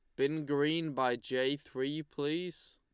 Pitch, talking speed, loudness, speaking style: 145 Hz, 140 wpm, -34 LUFS, Lombard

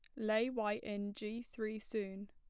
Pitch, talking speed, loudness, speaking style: 215 Hz, 170 wpm, -40 LUFS, plain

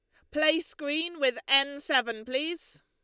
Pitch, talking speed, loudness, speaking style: 285 Hz, 145 wpm, -27 LUFS, Lombard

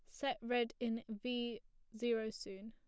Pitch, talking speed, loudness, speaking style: 235 Hz, 145 wpm, -41 LUFS, plain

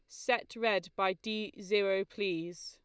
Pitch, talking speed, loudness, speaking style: 200 Hz, 145 wpm, -33 LUFS, Lombard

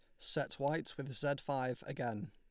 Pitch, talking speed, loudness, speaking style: 140 Hz, 170 wpm, -39 LUFS, Lombard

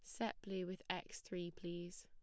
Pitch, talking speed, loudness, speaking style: 180 Hz, 200 wpm, -47 LUFS, plain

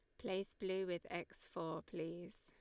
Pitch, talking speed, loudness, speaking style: 175 Hz, 165 wpm, -45 LUFS, Lombard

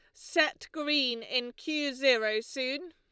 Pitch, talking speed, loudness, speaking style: 265 Hz, 130 wpm, -30 LUFS, Lombard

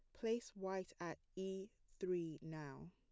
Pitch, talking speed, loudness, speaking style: 180 Hz, 135 wpm, -47 LUFS, plain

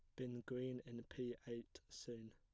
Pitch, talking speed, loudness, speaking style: 120 Hz, 170 wpm, -50 LUFS, plain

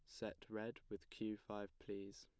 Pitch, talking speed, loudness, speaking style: 105 Hz, 180 wpm, -50 LUFS, plain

